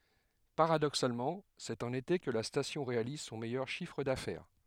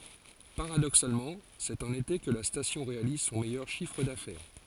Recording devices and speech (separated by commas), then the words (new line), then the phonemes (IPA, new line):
headset microphone, forehead accelerometer, read sentence
Paradoxalement, c'est en été que la station réalise son meilleur chiffre d'affaires.
paʁadoksalmɑ̃ sɛt ɑ̃n ete kə la stasjɔ̃ ʁealiz sɔ̃ mɛjœʁ ʃifʁ dafɛʁ